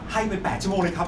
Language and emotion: Thai, happy